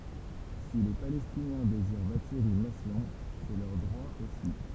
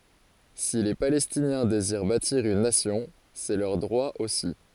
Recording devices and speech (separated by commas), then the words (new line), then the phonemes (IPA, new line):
temple vibration pickup, forehead accelerometer, read sentence
Si les Palestiniens désirent bâtir une nation, c'est leur droit aussi.
si le palɛstinjɛ̃ deziʁ batiʁ yn nasjɔ̃ sɛ lœʁ dʁwa osi